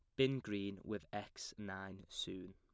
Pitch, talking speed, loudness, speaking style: 100 Hz, 155 wpm, -44 LUFS, plain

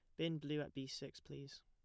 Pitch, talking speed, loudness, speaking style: 145 Hz, 250 wpm, -46 LUFS, plain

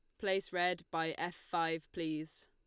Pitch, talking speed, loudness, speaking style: 170 Hz, 160 wpm, -37 LUFS, Lombard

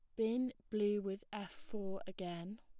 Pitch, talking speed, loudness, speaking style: 205 Hz, 150 wpm, -41 LUFS, plain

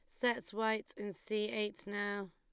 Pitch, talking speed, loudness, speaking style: 210 Hz, 170 wpm, -38 LUFS, Lombard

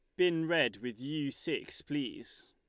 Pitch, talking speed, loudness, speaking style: 165 Hz, 160 wpm, -34 LUFS, Lombard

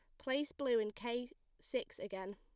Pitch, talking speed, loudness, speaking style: 245 Hz, 165 wpm, -40 LUFS, plain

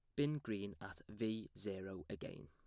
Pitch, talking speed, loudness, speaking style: 105 Hz, 160 wpm, -45 LUFS, plain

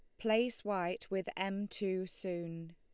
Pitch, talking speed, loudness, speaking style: 190 Hz, 140 wpm, -37 LUFS, Lombard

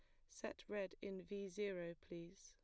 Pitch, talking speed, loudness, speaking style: 195 Hz, 165 wpm, -49 LUFS, plain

